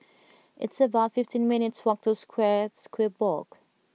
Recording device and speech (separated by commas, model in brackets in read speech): mobile phone (iPhone 6), read sentence